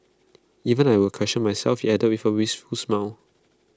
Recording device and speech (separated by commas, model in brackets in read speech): close-talking microphone (WH20), read sentence